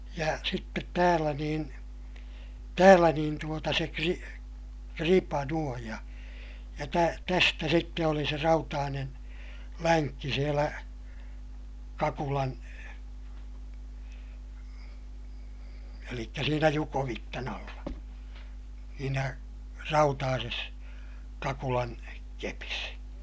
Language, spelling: Finnish, ja sitten täällä niin täällä niin tuota se - kripa noin ja ja - tästä sitten oli se rautainen lenkki siellä kakulan eli siinä jukovitsan alla siinä rautaisessa kakulan kepissä
- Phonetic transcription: ja sittet täälä niin , täälä niin tuota se kri- , kripa nuoj ja , ja tä- , tästä sitte oli se rautaanen , läŋkki sielä , kakulan , elikkä siinä jukovittan ‿alla , siinä , rautaases , kakulan , kepis .

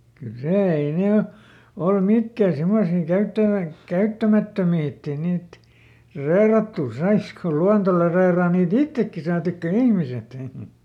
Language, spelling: Finnish, kyllä se ei ne ole ollut mitkään semmoisia - käyttämättömiä että ei niitä reilattua saisikaan kun luonto - reilaa niitä itsekin saatikka ihmiset
- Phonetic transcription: kyl ˈsè , ei ˈne o , ollu ˈmikkä̀ simmosii ˈkäyttävä- , "käyttämättömii ett ‿ei ˈniit , ˈrèⁱrattù "saiska ko ˈluanto le- , reiraa nii"t ‿ittekki saatikka "ihmiset .

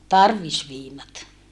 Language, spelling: Finnish, tarvisviinat
- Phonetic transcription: tarvisviinat .

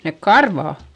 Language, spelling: Finnish, ne karvat
- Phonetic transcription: nek karvà .

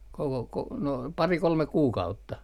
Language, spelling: Finnish, koko - no pari kolme kuukautta
- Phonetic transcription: koko ko- , no 'pari 'kolmek̆ "kuukautta .

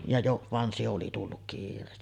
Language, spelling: Finnish, ja - vaan se oli tullut kiireesti
- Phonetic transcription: ja jo-ˀ , van 'se oli tulluk "kiir̆reesti .

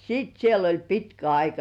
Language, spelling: Finnish, sitten siellä oli pitkä aika
- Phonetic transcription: 'siit siel oĺ "pitkä 'aika .

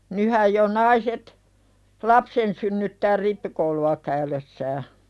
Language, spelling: Finnish, nythän jo naiset lapsen synnyttää rippikoulua käydessään
- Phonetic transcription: nyhäj jo 'naiset , "lapsen synnyttää 'rippikoulu₍a käylessää .

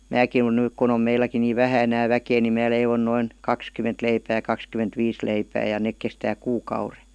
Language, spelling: Finnish, minäkin olen nyt kun on meilläkin niin vähän enää väkeä niin minä leivon noin kaksikymmentä leipää ja kaksikymmentä viisi leipää ja ne kestää kuukauden
- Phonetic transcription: määkin (olen) 'nyk kun ‿om 'meiläki nii "vähä enää 'väkee ni 'mää leivon 'noin , 'kakskym̆ment leipää ja 'kakskym̆ment 'viis leipää ja 'nek kestää "kuu'kaure .

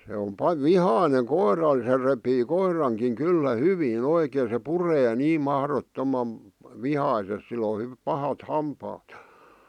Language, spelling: Finnish, se on - vihainen koiralle se repii koirankin kyllä hyvin oikein se puree niin mahdottoman vihaisesti sillä on - pahat hampaat ja
- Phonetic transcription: se om pa- "vihàⁱneŋ 'koiral se repii 'koir̀aŋkiŋ 'kyllä "hyvii'n ‿oikeen̬ se 'puree 'niim mahrot'tomam̳ , "vihaises sil ‿o h- , 'pahat 'hampaat ᴊᴀ .

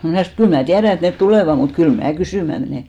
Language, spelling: Finnish, minä sanoin että kyllä minä tiedän että ne tulevat mutta kyllä minä kysymään menen
- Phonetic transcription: 'mnä̀ sanò et 'kyl mää "tiärä et 'net "tulèva mut 'kyl 'mää "kysỳmä menè .

